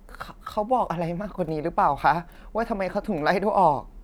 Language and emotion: Thai, sad